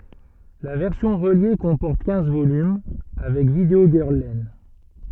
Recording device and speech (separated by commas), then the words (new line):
soft in-ear microphone, read sentence
La version reliée comporte quinze volumes, avec Video Girl Len.